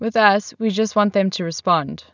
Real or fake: real